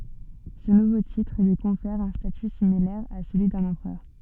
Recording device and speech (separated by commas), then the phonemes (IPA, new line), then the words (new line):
soft in-ear microphone, read sentence
sə nuvo titʁ lyi kɔ̃fɛʁ œ̃ staty similɛʁ a səlyi dœ̃n ɑ̃pʁœʁ
Ce nouveau titre lui confère un statut similaire à celui d'un empereur.